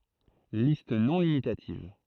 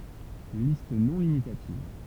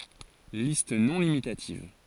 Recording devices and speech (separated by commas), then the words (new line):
throat microphone, temple vibration pickup, forehead accelerometer, read sentence
Liste non limitative.